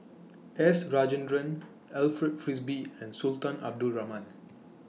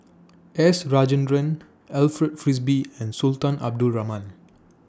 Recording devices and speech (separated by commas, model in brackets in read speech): mobile phone (iPhone 6), standing microphone (AKG C214), read sentence